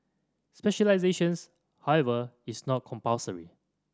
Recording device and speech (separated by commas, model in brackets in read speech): standing microphone (AKG C214), read sentence